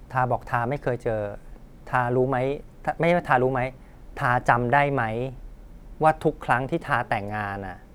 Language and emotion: Thai, frustrated